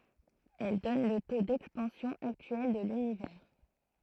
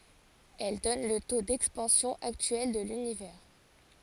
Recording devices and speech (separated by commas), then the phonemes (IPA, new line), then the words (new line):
throat microphone, forehead accelerometer, read sentence
ɛl dɔn lə to dɛkspɑ̃sjɔ̃ aktyɛl də lynivɛʁ
Elle donne le taux d'expansion actuel de l'univers.